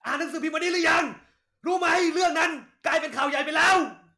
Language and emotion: Thai, angry